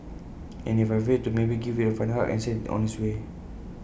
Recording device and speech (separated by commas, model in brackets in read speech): boundary microphone (BM630), read sentence